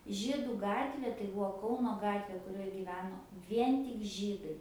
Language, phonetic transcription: Lithuanian, ˈžydu ˈgatvė tai ˈbuo ˈkauno ˈgatvė kuˈrioj gyˈveno ˈvien tik ˈžydai

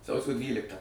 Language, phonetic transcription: Lithuanian, ˈsausio ˈdvyliktą

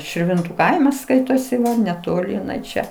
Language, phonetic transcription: Lithuanian, širˈvintu ˈkaimas ˈskaitosi netoˈli iˈnai ˈčia

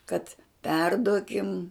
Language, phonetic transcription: Lithuanian, kad ˈperduokim

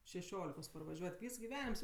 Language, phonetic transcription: Lithuanian, šeˈšiolikos parvaˈžiuot' ˈvys giˈvenims

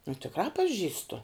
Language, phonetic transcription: Lithuanian, nu tikˈrā paˈžįstu

